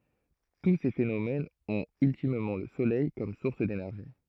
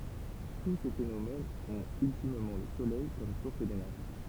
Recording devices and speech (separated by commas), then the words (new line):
throat microphone, temple vibration pickup, read sentence
Tous ces phénomènes ont ultimement le soleil comme source d'énergie.